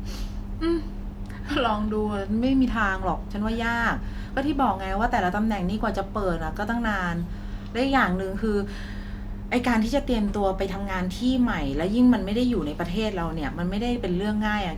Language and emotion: Thai, frustrated